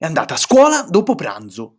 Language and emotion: Italian, angry